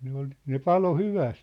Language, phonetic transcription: Finnish, 'ne ‿ol , ne "palo "hyväst .
- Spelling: ne oli ne paloi hyvästi

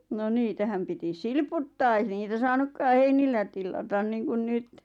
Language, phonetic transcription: Finnish, no 'niitähäm piti "silputtaa ei niitä 'saanukkaa "heinillä tillatan niiŋkun 'nyt .
- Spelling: no niitähän piti silputtaa ei niitä saanutkaan heinillä tilata niin kuin nyt

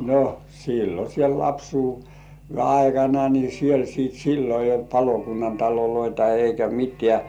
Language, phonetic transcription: Finnish, no , "sillo siel 'lapsuu- , -ve aikana ni siel sìt "sillo eij̆j ‿olt 'palokunnan taloloita eikä 'mit̀§ĕä̀ .
- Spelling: no silloin siellä - lapsuuden aikana niin siellä sitten silloin ei ollut palokunnan taloja eikä mitään

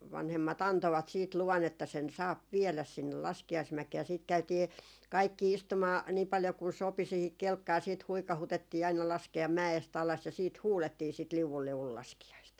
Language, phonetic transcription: Finnish, 'vanhemma't ‿antovat siit luvan ‿että sen 'saap "viɛläs 'sinnel 'laskia₍ismäkee ja siit käytii , 'kaikki "istumaa nii paljo kun 'sopi siihik 'kelkkaa siit "huikahutettii aina laske₍am 'mä₍est alas ja siit "huulettii sit » 'liuvul 'liuvul 'laski₍aist » .
- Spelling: vanhemmat antoivat sitten luvan että sen saa viedä sinne laskiaismäkeen ja sitten käytiin kaikki istumaan niin paljon kuin sopi siihen kelkkaan sitten huikautettiin aina laskea mäestä alas ja sitten huudettiin sitä liu'u liu'u laskiaista

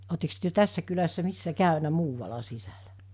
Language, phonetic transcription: Finnish, otteks työ 'tässä kylässä 'missä 'kä̀ynä "muuvala 'sisälä ?
- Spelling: oletteko te tässä kylässä missä käynyt muualla sisällä

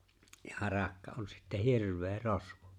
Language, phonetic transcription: Finnish, ja 'harakka on sittä "hirv̀ee "rosvᴏ .
- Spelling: ja harakka on sitten hirveä rosvo

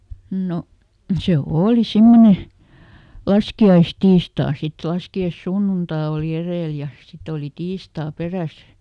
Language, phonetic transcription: Finnish, ˈno , se "ooli ˈsimmone , "laski₍aisˈtiistaa sit , ˈlaski₍aⁱsˈsunnunta òli ˈerèl ja , ˈsit ‿oli ˈtiistaa "peräs .
- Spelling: no se oli semmoinen laskiaistiistai sitten laskiaissunnuntai oli edellä ja sitten oli tiistai perässä

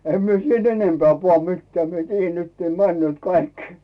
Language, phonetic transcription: Finnish, 'em mie siit "enempeä̀ puà 'mittᵉä̀ 'mie "tiijjän nyt ne 'männʸö̀t 'kaik .
- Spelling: en minä sitten enempää pane mitään minä tiedän nyt ne menevät kaikki

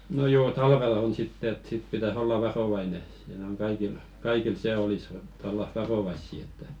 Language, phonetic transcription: Finnish, no 'joo "talvelᵃ 'on sitte et sit pitäs 'olla "varovaine , 'siinᵃ̈ oŋ 'kaikil , "kaikil 'se 'olis ĕttä olla 'varovaissi että .
- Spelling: no joo talvella on sitten että sitten pitäisi olla varovainen siinä on kaikilla kaikilla se olisi että olla varovaisia että

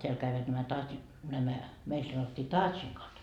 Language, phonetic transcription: Finnish, 'teäl käivät nämä taat- , nämä , meil 'sanottii 'taatšnikot .
- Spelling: täällä kävivät nämä - nämä meillä sanottiin taatsnikot

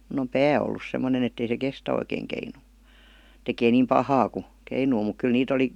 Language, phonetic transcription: Finnish, mun ‿om "pää ollus semmonen ‿ettei se "kestä oikeeŋ 'keinuu , 'tekee niim "pahaa ku , 'keinuu muk 'kyl nii't ‿oli ,.
- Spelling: minun on pää ollut semmoinen että ei se kestä oikein keinua tekee niin pahaa kun keinuu mutta kyllä niitä oli

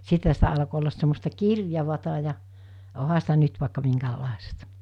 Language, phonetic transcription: Finnish, 'sithä sitä alko ollas semmosta "kirjavata ja , 'oha sitä 'nyt vàikka 'miŋkäl̳l̳àesta .
- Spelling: sittenhän sitä alkoi olla semmoista kirjavaa ja onhan sitä nyt vaikka minkälaista

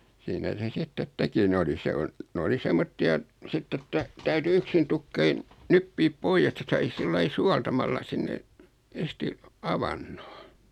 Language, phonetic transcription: Finnish, 'siinä se 'sittet "teki 'ne oli 'se on , 'n ‿oli "semmotti₍a , 'sitt ‿että , 'täyty "yksin tukkein , 'nyppip "poijes (et)tä 'sai 'sillai "sualtamalla 'sinne , 'en̬s-ti , "avannᴏ .
- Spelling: siinä se sitten teki ne oli se on ne oli semmoisia sitten että täytyi yksinä tukkeina nyppiä pois että sai sillä lailla suoltamalla sinne ensisti avannon

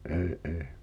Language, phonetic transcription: Finnish, '’ee ’ee .
- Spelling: en en

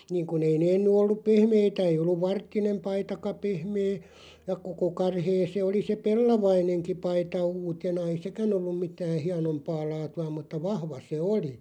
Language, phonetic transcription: Finnish, 'niiŋ kun ‿ei nee (ennen) ‿'olluᵖ "pehmeitä ei 'olluᵛ "varttinem 'paitaka 'pehmee , ja "koko 'karhee 'se oli se "pellavaineŋki 'paita 'uutena ei "sekän ‿olluᵐ 'mitää "hianompaa 'laatu₍a 'mutta "vahva se "oli .
- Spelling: niin kun ei ne ennen ollut pehmeitä ei ollut varttinen paitakaan pehmeä ja koko karhea se oli se pellavainenkin paita uutena ei sekään ollut mitään hienompaa laatua mutta vahva se oli

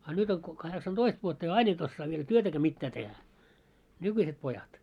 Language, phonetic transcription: Finnish, a 'nyt ‿oŋ ko- 'kaheksan"toist vuotta ja "ain ‿et ossaa viel "työtäkää 'mittää tehä , 'nykyiset 'pojat .
- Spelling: a nyt on - kahdeksantoista vuotta ja aina et osaa vielä työtäkään mitään tehdä nykyiset pojat

